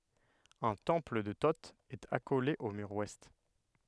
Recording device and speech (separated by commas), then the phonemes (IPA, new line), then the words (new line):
headset microphone, read sentence
œ̃ tɑ̃pl də to ɛt akole o myʁ wɛst
Un temple de Thot est accolé au mur ouest.